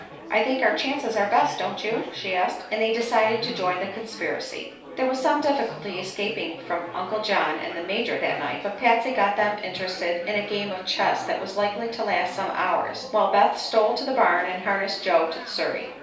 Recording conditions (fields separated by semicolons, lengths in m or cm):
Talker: one person; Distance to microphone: 3.0 m; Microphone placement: far; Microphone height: 1.8 m; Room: small (3.7 m by 2.7 m); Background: babble